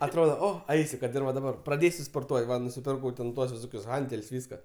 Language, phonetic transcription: Lithuanian, atˈrodo ˈo ˈaisi ˈkad ir va daˈbar praˈdėsiu sporˈtuot' ˈva nusiˈpirkau ten ˈtuos viˈsokius ˈhantel's' ˈvyska

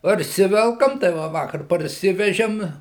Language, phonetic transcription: Lithuanian, parˈsivelkam tai ˈva ˈvakar parˈsivežim

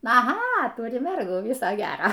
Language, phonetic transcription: Lithuanian, aˈha ˈturi ˈmergų ˈviso ˈgero

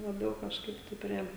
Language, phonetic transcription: Lithuanian, laˈbiau kažˈkaip tai ˈprie

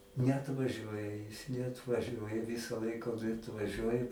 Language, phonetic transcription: Lithuanian, neatvaˈžiuoja jis neatvaˈžiuoja ˈvisa ˈlaika o tai atvaˈžiuoja

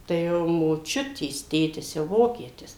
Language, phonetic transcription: Lithuanian, tai ˈjau moˈčiutės ˈtėtis jau ˈvokietis

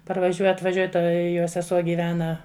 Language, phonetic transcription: Lithuanian, parvaˈžiuo atvaˈžiuoj ˈta jo seˈsuo gyˈvena

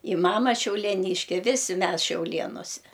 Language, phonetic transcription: Lithuanian, i ˈmama šiaulieˈnyške ˈvisi ˈmes šiauˈlėnose

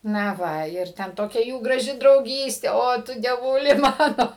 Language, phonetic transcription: Lithuanian, na ˈva ir ˈten ˈtokia ˈjų graˈži drauˈgystė ˈo tu dieˈvūli ˈmano

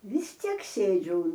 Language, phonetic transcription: Lithuanian, vis ˈtiek ˈsėdžiu

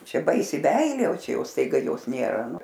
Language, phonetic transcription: Lithuanian, ˈčia ˈbaisi ˈmeilė o ˈčia ˈjau staiˈga ˈjos ˈnėra ˈnu

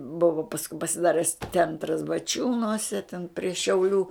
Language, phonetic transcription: Lithuanian, ˈbuva pasˈkui pasiˈdares ˈcentras baˈčiūnuose ten prie šiauˈlių

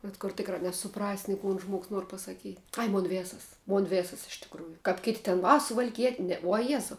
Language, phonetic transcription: Lithuanian, bet kur ˈtikrā nesuˈprasi ni ˈkun ˈžmuogs ˈnuor pasaˈkyt' ˈai ˈmon ˈvėsas ˈmon ˈvėsas iš tikˈrųju kap ˈkėˌtė ten ˈva suvalˈkiet' ˈne uo ˈjezau

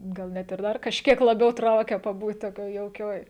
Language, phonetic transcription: Lithuanian, gal ˈnet ir ˈdar kažˈkiek laˈbiau ˈtraukia paˈbūt toˈkioj jauˈkioj

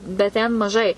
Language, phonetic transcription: Lithuanian, bet ˈten maˈžai

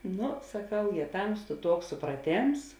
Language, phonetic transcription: Lithuanian, ˈnu saˈkau jė ˈtamstu ˈtuoks supraˈtėms

